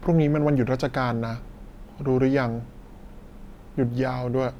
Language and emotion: Thai, frustrated